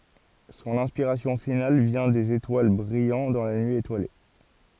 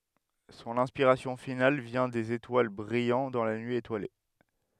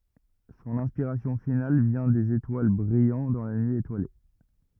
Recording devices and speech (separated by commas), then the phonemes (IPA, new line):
forehead accelerometer, headset microphone, rigid in-ear microphone, read sentence
sɔ̃n ɛ̃spiʁasjɔ̃ final vjɛ̃ dez etwal bʁijɑ̃ dɑ̃ la nyi etwale